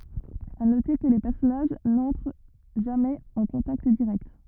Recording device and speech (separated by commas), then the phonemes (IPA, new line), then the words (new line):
rigid in-ear microphone, read sentence
a note kə le pɛʁsɔnaʒ nɑ̃tʁ ʒamɛz ɑ̃ kɔ̃takt diʁɛkt
À noter que les personnages n'entrent jamais en contact direct.